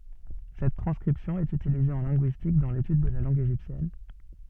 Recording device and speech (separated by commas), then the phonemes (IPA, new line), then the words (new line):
soft in-ear microphone, read sentence
sɛt tʁɑ̃skʁipsjɔ̃ ɛt ytilize ɑ̃ lɛ̃ɡyistik dɑ̃ letyd də la lɑ̃ɡ eʒiptjɛn
Cette transcription est utilisée en linguistique, dans l'étude de la langue égyptienne.